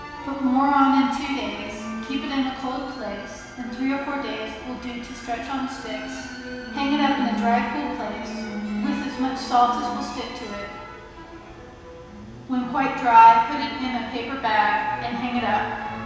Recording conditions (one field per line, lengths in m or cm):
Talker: one person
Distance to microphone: 1.7 m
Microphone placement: close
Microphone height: 1.0 m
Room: very reverberant, large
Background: music